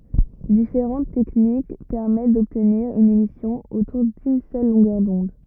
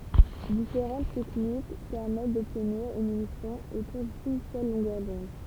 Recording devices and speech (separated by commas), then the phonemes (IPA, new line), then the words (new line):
rigid in-ear microphone, temple vibration pickup, read sentence
difeʁɑ̃t tɛknik pɛʁmɛt dɔbtniʁ yn emisjɔ̃ otuʁ dyn sœl lɔ̃ɡœʁ dɔ̃d
Différentes techniques permettent d'obtenir une émission autour d'une seule longueur d'onde.